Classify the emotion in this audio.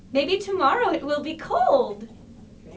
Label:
happy